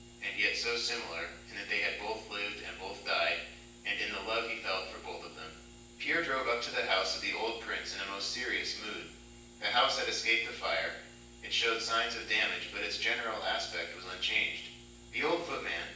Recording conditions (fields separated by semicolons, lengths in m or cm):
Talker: one person; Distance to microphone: 9.8 m; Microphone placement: far; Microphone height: 1.8 m; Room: large; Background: none